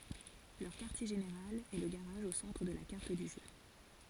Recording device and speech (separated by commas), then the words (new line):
forehead accelerometer, read sentence
Leur quartier général est le garage au centre de la carte du jeu.